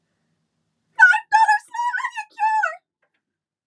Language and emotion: English, fearful